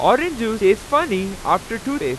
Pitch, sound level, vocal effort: 225 Hz, 97 dB SPL, very loud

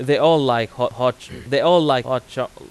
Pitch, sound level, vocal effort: 130 Hz, 94 dB SPL, loud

